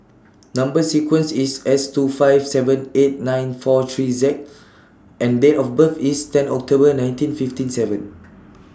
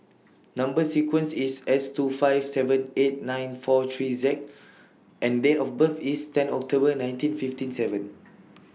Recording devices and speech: standing microphone (AKG C214), mobile phone (iPhone 6), read sentence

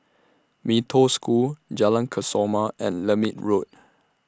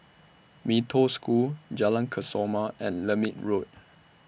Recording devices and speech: standing microphone (AKG C214), boundary microphone (BM630), read sentence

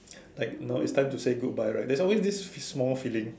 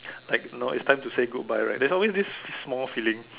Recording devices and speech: standing microphone, telephone, conversation in separate rooms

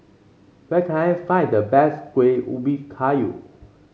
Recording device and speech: mobile phone (Samsung C5), read sentence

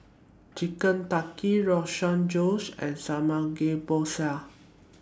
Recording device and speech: standing microphone (AKG C214), read sentence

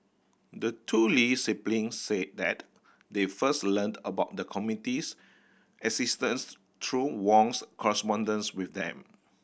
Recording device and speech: boundary microphone (BM630), read sentence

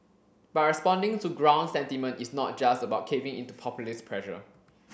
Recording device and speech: boundary microphone (BM630), read sentence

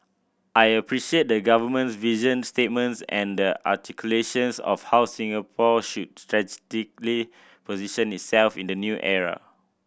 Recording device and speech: boundary microphone (BM630), read sentence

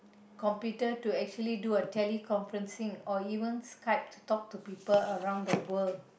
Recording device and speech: boundary microphone, conversation in the same room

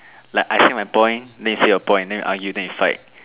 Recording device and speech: telephone, conversation in separate rooms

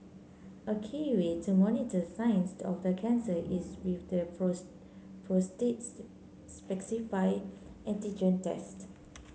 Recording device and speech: mobile phone (Samsung C9), read sentence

